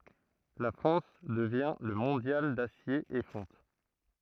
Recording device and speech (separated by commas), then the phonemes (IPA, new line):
throat microphone, read sentence
la fʁɑ̃s dəvjɛ̃ lə mɔ̃djal dasje e fɔ̃t